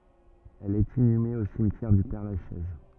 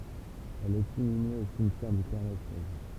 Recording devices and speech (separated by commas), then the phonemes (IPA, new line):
rigid in-ear microphone, temple vibration pickup, read sentence
ɛl ɛt inyme o simtjɛʁ dy pɛʁlaʃɛz